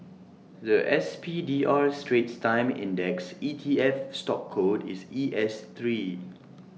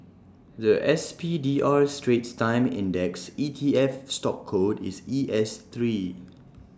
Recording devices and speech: mobile phone (iPhone 6), standing microphone (AKG C214), read sentence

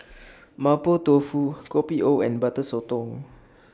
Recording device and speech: standing microphone (AKG C214), read sentence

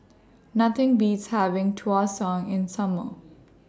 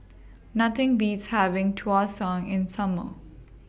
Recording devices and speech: standing microphone (AKG C214), boundary microphone (BM630), read sentence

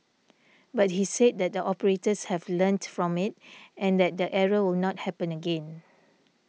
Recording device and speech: mobile phone (iPhone 6), read sentence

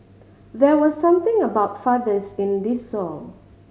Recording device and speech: mobile phone (Samsung C5010), read sentence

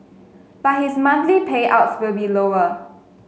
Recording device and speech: mobile phone (Samsung S8), read sentence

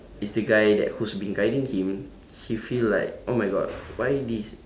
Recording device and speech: standing microphone, conversation in separate rooms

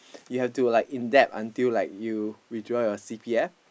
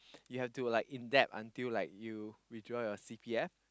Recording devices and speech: boundary microphone, close-talking microphone, conversation in the same room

